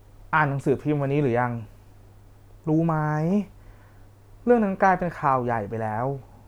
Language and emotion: Thai, frustrated